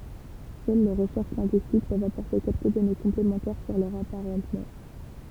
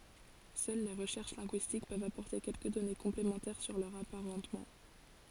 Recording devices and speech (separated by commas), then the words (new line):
temple vibration pickup, forehead accelerometer, read sentence
Seules les recherches linguistiques peuvent apporter quelques données complémentaires sur leurs apparentements.